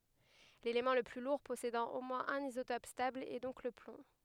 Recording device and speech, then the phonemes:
headset microphone, read sentence
lelemɑ̃ lə ply luʁ pɔsedɑ̃ o mwɛ̃z œ̃n izotɔp stabl ɛ dɔ̃k lə plɔ̃

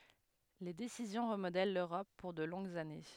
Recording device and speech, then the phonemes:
headset microphone, read sentence
le desizjɔ̃ ʁəmodɛl løʁɔp puʁ də lɔ̃ɡz ane

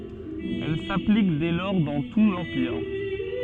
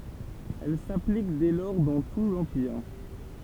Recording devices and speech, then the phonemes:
soft in-ear microphone, temple vibration pickup, read sentence
ɛl saplik dɛ lɔʁ dɑ̃ tu lɑ̃piʁ

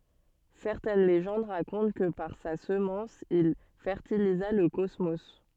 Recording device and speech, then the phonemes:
soft in-ear microphone, read sentence
sɛʁtɛn leʒɑ̃d ʁakɔ̃t kə paʁ sa səmɑ̃s il fɛʁtiliza lə kɔsmo

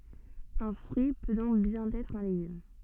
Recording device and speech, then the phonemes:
soft in-ear microphone, read sentence
œ̃ fʁyi pø dɔ̃k bjɛ̃n ɛtʁ œ̃ leɡym

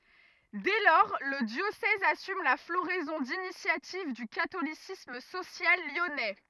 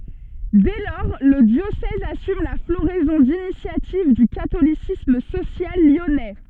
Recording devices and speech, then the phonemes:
rigid in-ear microphone, soft in-ear microphone, read sentence
dɛ lɔʁ lə djosɛz asym la floʁɛzɔ̃ dinisjativ dy katolisism sosjal ljɔnɛ

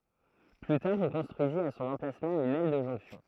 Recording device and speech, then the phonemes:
throat microphone, read sentence
ply taʁ ɔ̃ kɔ̃stʁyizit a sɔ̃n ɑ̃plasmɑ̃ yn ɛl də ʒɔ̃ksjɔ̃

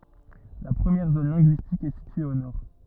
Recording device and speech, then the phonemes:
rigid in-ear microphone, read sentence
la pʁəmjɛʁ zon lɛ̃ɡyistik ɛ sitye o nɔʁ

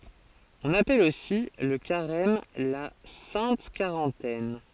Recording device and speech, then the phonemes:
forehead accelerometer, read sentence
ɔ̃n apɛl osi lə kaʁɛm la sɛ̃t kaʁɑ̃tɛn

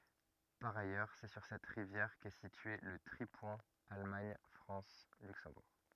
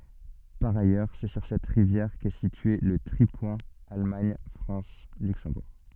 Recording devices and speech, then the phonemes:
rigid in-ear microphone, soft in-ear microphone, read sentence
paʁ ajœʁ sɛ syʁ sɛt ʁivjɛʁ kɛ sitye lə tʁipwɛ̃ almaɲ fʁɑ̃s lyksɑ̃buʁ

